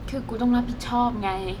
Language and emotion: Thai, sad